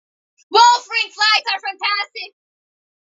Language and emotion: English, neutral